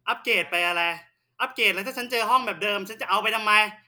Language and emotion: Thai, angry